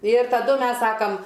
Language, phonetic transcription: Lithuanian, ir taˈdu ˈmes ˈsakam

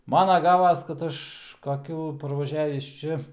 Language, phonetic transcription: Lithuanian, ˈmana ˈgavas kad ˈaš kaˈkių parvaˈžiavįs ˈčia

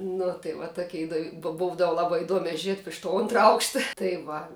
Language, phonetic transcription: Lithuanian, ˈnu tai va ˈtokia iˈdov' bov ˈbūdav ˈlabai iˈduomia ˈžiet iš to ˈontra ˈaukšta tai ˈva

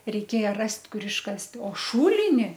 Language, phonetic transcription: Lithuanian, reiˈkėja ˈrast' ˈkur išˈkast' o ˈšūlini

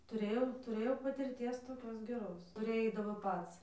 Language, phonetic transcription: Lithuanian, tuˈrėjau tuˈrėjau patirˈties toˈkios geˈros tuˈrėj ˈeidavo ˈpats

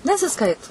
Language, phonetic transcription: Lithuanian, nesiˈskaitu

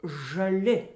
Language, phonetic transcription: Lithuanian, žaˈli

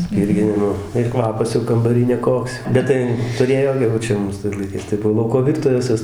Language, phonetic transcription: Lithuanian, ˈspyrginimo ir ˈkvapas jau kambaˈry neˈkoks ˈbet tai tuˈrėjo jau ˈčia ˈmūs tais laiˈkais tai ˈbuvo ˈlauko ˈvirtuves ˈvis

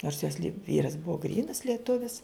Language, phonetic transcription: Lithuanian, nors jos li ˈvyras ˈbuvo ˈgrynas lieˈtuvis

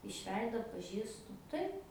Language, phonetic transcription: Lithuanian, iš ˈveido atpaˈžįstu ˈtaip

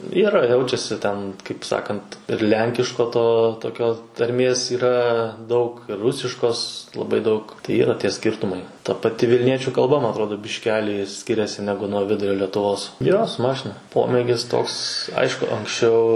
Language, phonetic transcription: Lithuanian, ˈyra ˈjaučiasi ten kaip ˈsakant ir ˈlenkiško ˈto toˈkio tarˈmės yˈra daug ir ˈrusiškos laˈbai daug tai ˈyra ˈtie ˈskirtumai ta paˈti vilˈniečiu kalˈba ma atˈrodo bišˈkelį ˈskiriasi ˈnegu nuo ˈvidurio letuˈvos ˈjo su ˈmašina ˈpomėgis ˈtoks ˈaišku anksˈčiau

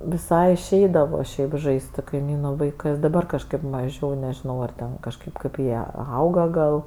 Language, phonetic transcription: Lithuanian, viˈsai išˈeidavo ˈšiaip ˈžais't' su kaiˈmynu vaiˈkɜs daˈbar kažˈkaip maˈžiau nežiˈnau ar ˈten kažˈkaip kaip ˈjie ˈauga gal

